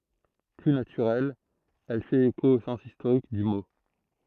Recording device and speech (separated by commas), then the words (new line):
throat microphone, read sentence
Plus naturelle, elle fait écho au sens historique du mot.